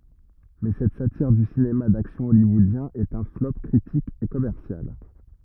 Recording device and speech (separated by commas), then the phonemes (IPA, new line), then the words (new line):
rigid in-ear microphone, read sentence
mɛ sɛt satiʁ dy sinema daksjɔ̃ ɔljwɔodjɛ̃ ɛt œ̃ flɔp kʁitik e kɔmɛʁsjal
Mais cette satire du cinéma d'action hollywoodien est un flop critique et commercial.